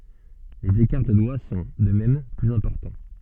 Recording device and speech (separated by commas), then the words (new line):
soft in-ear microphone, read sentence
Les écarts de doigts sont, de même, plus importants.